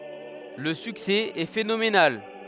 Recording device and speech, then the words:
headset microphone, read sentence
Le succès est phénoménal.

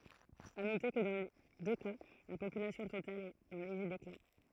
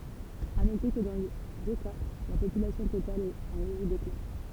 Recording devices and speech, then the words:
throat microphone, temple vibration pickup, read sentence
À noter que dans les deux cas la population totale est en léger déclin.

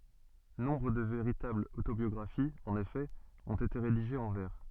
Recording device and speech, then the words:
soft in-ear microphone, read sentence
Nombre de véritables autobiographies, en effet, ont été rédigées en vers.

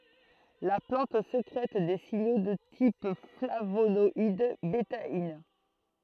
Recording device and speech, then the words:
throat microphone, read sentence
La plante sécrète des signaux de type flavonoïdes, bétaïnes.

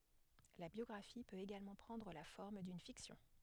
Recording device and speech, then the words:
headset microphone, read sentence
La biographie peut également prendre la forme d'une fiction.

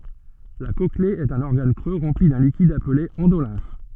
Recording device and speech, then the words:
soft in-ear microphone, read sentence
La cochlée est un organe creux rempli d'un liquide appelé endolymphe.

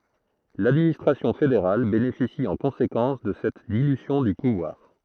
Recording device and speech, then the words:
throat microphone, read sentence
L'administration fédérale bénéficie en conséquence de cette dilution du pouvoir.

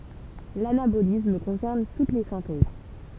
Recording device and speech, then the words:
temple vibration pickup, read sentence
L'anabolisme concerne toutes les synthèses.

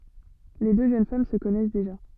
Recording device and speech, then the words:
soft in-ear microphone, read sentence
Les deux jeunes femmes se connaissent déjà.

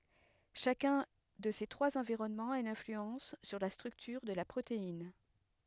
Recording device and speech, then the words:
headset microphone, read sentence
Chacun de ces trois environnements a une influence sur la structure de la protéine.

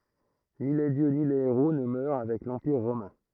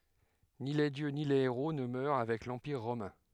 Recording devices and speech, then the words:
throat microphone, headset microphone, read sentence
Ni les dieux ni les héros ne meurent avec l'empire romain.

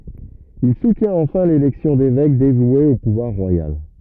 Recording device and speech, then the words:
rigid in-ear microphone, read sentence
Il soutient enfin l’élection d’évêques dévoués au pouvoir royal.

